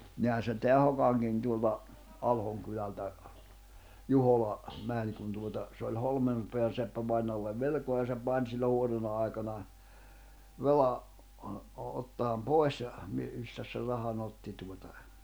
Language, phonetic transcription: Finnish, nihän̬ se teä 'Hokaŋkin tuolla , 'Alhoŋ kylältä , 'Juhola , 'mäń kun tuota , se oĺ 'Holmem , -Peän̬ seppävainoallev 'velᵉkoa ja se 'pàń sillo 'huonona ai̬kana , 'roa- , o- ottaam "pòes ja , mi- 'mistäs ser 'raha'n ‿otti tuota ,.
- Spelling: niinhän se tämä Hokankin tuolla Alhon kylältä Juhola meni kun tuota se oli - Holmanpään seppävainajalle velkaa ja se pani silloin huonona aikana - - ottamaan pois ja - mistäs sen rahan otti tuota

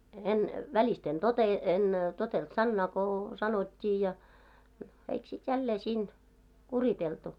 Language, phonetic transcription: Finnish, 'en , 'välist ‿en 'tote- , en , 'totelt "sannaa ko , 'sanot́t́ii ja , no 'eik sit jällee 'siin , "kuriteltu .
- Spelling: en välistä en - en totellut sanaa kun sanottiin ja no eikö sitten jälleen siinä kuriteltu

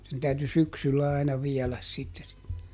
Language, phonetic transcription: Finnish, sen ˈtäyty "syksyllä aina ˈviɛläs sitte (se) .
- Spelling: sen täytyi syksyllä aina viedä sitten se

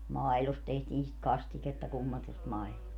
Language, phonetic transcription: Finnish, "mailost 'tehtiin sit "kastiketta 'kummatust mailost .
- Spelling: maidosta tehtiin sitä kastiketta kummatusta maidosta

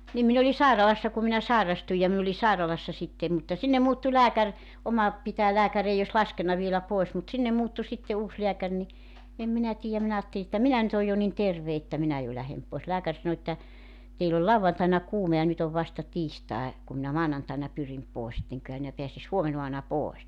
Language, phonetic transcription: Finnish, nim 'min ‿oli "sàiralassa ku minä 'sàerastuj ja min ‿oli 'sàiralassa sitte mutta , 'sinnem 'muuttu 'lääkär , 'oma , 'pitää 'lääkä'r ‿ei os "laskenna vielä 'poes mut 'sinnem 'muuttu sitte 'uus 'leäkär ni , 'em minä 'tii₍äm 'minä 'aatteli että "minä ny't ‿oj jo nin "terve että 'minä jo 'lähem poes 'lääkär sano että , » 'teill ‿ol "lauvvantaina 'kuume ja 'nyt ‿ov 'vasta 'tiistae « 'kum minä "maanantaina 'pyrim 'poes (et) » 'eŋköhä mⁱnä 'peäsis "huomenoa[mu]na 'pòes « .
- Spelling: niin minä olin sairaalassa kun minä sairastuin ja minä olin sairaalassa sitten mutta sinne muuttui lääkäri oma pitäjän lääkäri ei olisi laskenut vielä pois mutta sinne muuttui sitten uusi lääkäri niin en minä tiedä minä ajattelin että minä nyt olen jo niin terve että minä jo lähden pois lääkäri sanoi että teillä oli lauantaina kuume ja nyt on vasta tiistai kun minä maanantaina pyrin pois et enköhän minä pääsisi huomenaamuna pois

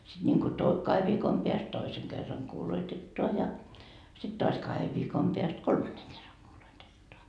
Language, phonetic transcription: Finnish, siD ńiŋko to- , 'kahev viikom peäst "toiseŋ kerraŋ kuuloitettoa ja , sit 'toas 'kahev viikom peäst "kolmanneŋ kerraŋ 'kuuloitettoa .
- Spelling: sitten niin kuin - kahden viikon päästä toisen kerran kuuloitetaan ja sitten taas kahden viikon päästä kolmannen kerran kuuloitetaan

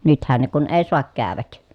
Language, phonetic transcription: Finnish, nythän ne kun ee soak kääväk .
- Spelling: nythän ne kun ei saa käydä

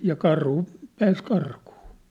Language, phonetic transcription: Finnish, ja 'karhu , 'pääs 'karkuu .
- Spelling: ja karhu pääsi karkuun

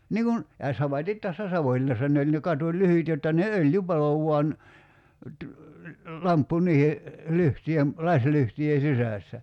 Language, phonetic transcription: Finnish, 'niiŋ kun , ja 'samatit tässä "Savoⁱlinnassa ne oĺ ne 'katu"lyhyt jotta ne "öljy 'palo vuan , ty- , 'lamppu 'niihe , 'lyhtyjem , "laślyhtyje 'sisä̀ssä .
- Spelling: niin kun ja samaten tässä Savonlinnassa ne oli ne katulyhdyt jotta ne öljy paloi vain - lamppu niiden lyhtyjen lasilyhtyjen sisässä

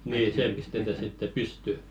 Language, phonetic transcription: Finnish, nii 'see pistetä sitte "pysty .
- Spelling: niin se pistetään sitten pystyyn

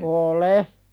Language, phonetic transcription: Finnish, ool"e .
- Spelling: olen

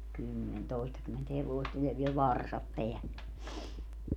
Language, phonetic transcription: Finnish, 'kymmen 'tòistakymment 'hevoist ni ja viel "varsap peälle .
- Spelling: kymmen toistakymmentä hevosta niin ja vielä varsat päälle

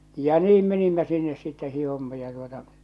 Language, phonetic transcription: Finnish, ja 'niim menimmä 'sinnes sitte 'hihomma ja tuota .
- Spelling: ja niin menimme sinne sitten hiihdimme ja tuota

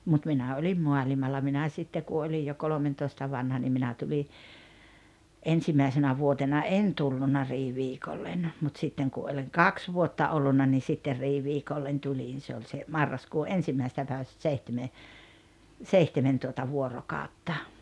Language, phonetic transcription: Finnish, mut 'minä oĺim 'mualimalla minä 'sitte ku 'olij jo "kolomentoista 'vanha nim 'minä tuli , "ensimaisenä 'vuotena "en tulluna 'riiviikollen , mut 'sitteŋ ku oĺiŋ "kaks 'vuotta 'ollunna ni 'sitter 'riiviikollen 'tuĺin se oĺ se , 'marraskuu "’ensimmäisᵉstä päivästᵃ̈ 'seihteme , "seihtemen tuota 'vuorokàotta .
- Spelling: mutta minä olin maailmalla minä sitten kun olin jo kolmentoista vanha niin minä tulin ensimmäisenä vuotena en tullut riiviikolle mutta sitten kun olin kaksi vuotta ollut niin sitten riiviikolle tulin se oli se marraskuu ensimmäisestä päivästä seitsemän seitsemän tuota vuorokautta

